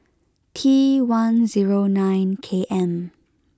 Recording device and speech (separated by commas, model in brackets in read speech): close-talking microphone (WH20), read sentence